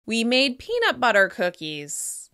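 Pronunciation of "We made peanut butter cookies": In 'We made peanut butter cookies', 'peanut' gets the most stress.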